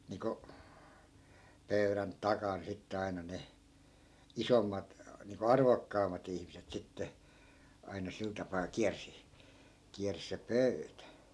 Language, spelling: Finnish, niin kuin pöydän takana sitten aina ne isommat niin kuin arvokkaammat ihmiset sitten aina sillä tapaa kiersi kiersi se pöytä
- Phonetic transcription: niko , 'pöyrän "takan sitte aina 'ne , "isommat , niiŋko "arvokkaam̆mat ‿ihmiset 'sitte , aina 'sil tapaa 'kiärsi , 'kiärsⁱ se "pöytä .

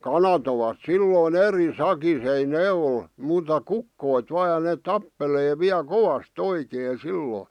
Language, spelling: Finnish, kanat ovat silloin eri sakissa ei ne ole muuta kukot vain ja ne tappelee vielä kovasti oikein silloin
- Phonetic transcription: kana ‿ovat "sillòⁱn "eri "sakis ‿ei "nee ol , muuta "kukkoit vaa ja 'neeᵗ "tappelee viä "kovas"t ‿oikee 'sillòⁱ .

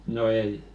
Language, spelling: Finnish, no ei
- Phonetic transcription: no 'ei .

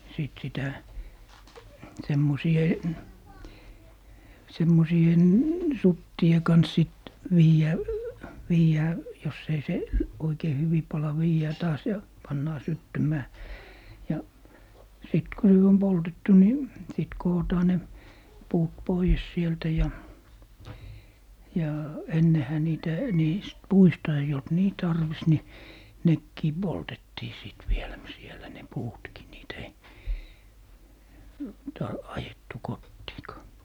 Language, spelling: Finnish, sitten sitä semmoisten suttien kanssa sitten - viedään jos ei - oikein hyvin pala viedään taas ja pannaan syttymään ja sitten kun nyt on poltettu niin sitten kootaan ne puut pois sieltä ja ja ennenhän niitä niistä puista ei ollut niin tarvis niin nekin poltettiin sitten vielä - siellä ne puutkin niitä ei - ajettu kotiinkaan
- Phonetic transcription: 'sìt sitä , 'semmosi₍en , "suttie 'kans sit , 'viijä̀- , 'viijää , jos ‿ei 'seˡ- , 'oikei 'hyvi "pala 'viijää taas ja 'pannaa "syttymää , ja , 'sit ko nyt 'om "poltettu ni , sit 'kootaa ne , 'puut "poies 'sieltä ja , ja 'ennehä 'niitä , 'niist "puista eij ‿olt "nii 'tarvis ni , "nekkii 'poltettii 'sìt vielä m - sielä ne 'puutki niitᵃ̈ ei , ta - 'ajettu 'kottiikaa .

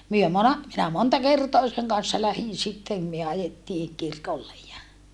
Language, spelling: Finnish, me - minä monta kertaa sen kanssa lähdin sitten me ajettiin kirkolle ja
- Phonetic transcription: myö mona- , minä monta kertoa seŋ kan̬ssa lähin sittem myö ajettii , kirkollej ja , .

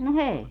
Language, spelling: Finnish, no ei
- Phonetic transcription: no "eei .

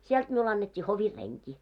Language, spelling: Finnish, sieltä minulle annettiin hovin renki
- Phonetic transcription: 'siɛlt miul annet́t́ii 'hovir 'reŋki .

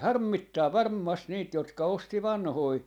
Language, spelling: Finnish, harmittaa varmasti niitä jotka osti vanhoja
- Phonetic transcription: 'harmmittaa 'varmmast 'niit jotka 'osti "vanhoi ,.

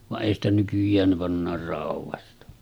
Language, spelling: Finnish, vaan ei sitä nykyään ne pannaan raudasta
- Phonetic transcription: vaˀ 'ˀèi ‿stä nykyj̆jään ne 'pannaar 'rauv̆vasta .

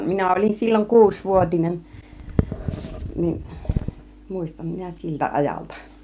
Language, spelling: Finnish, minä olin silloin kuusivuotinen niin muistan minä siltä ajalta
- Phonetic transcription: 'minä ol͕in silloŋ "kuusvuot͕inen , nin , 'mùistam minä 'siltä 'ajalta .

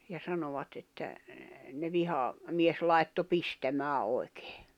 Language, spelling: Finnish, ja sanoivat että ne - vihamies laittoi pistämään oikein
- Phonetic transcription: ja 'sanovat että , ne 'viha- , -'mies 'lai̬tto 'pistämää oi̬kᴇᴇ .

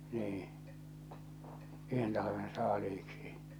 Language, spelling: Finnish, niin yhden talven saaliiksi
- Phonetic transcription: 'nii , 'yhen talaven 'saaliiksi .

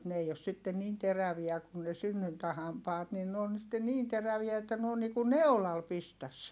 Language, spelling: Finnish, mutta ne ei ole sitten niin teräviä kun ne synnyntähampaat niin ne on sitten niin teräviä että ne on niin kuin neulalla pistäisi
- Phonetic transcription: mut n ‿ei os sitten niin teräviä kun ne synnyntähampaat nin n ‿oon sitte niin teräviä että n ‿oon niiku neu̬lal pistäs .

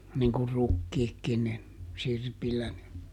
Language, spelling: Finnish, niin kuin rukiitkin niin sirpillä ne
- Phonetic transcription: niŋ kur ˈrukkiikkin nin , ˈsirpillä ne .

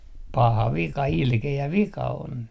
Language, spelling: Finnish, paha vika ilkeä vika on
- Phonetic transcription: 'paha 'vika 'ilke₍ä "vika on .

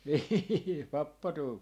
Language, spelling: Finnish, niin pappa tuumi
- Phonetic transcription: 'nii "pappa tuumi - .

